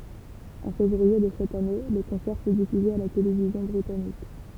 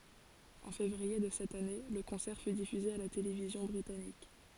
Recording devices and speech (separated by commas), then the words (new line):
temple vibration pickup, forehead accelerometer, read sentence
En février de cette année, le concert fut diffusé à la télévision britannique.